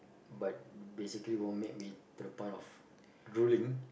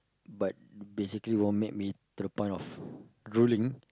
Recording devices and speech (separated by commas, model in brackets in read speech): boundary microphone, close-talking microphone, conversation in the same room